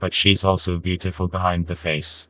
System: TTS, vocoder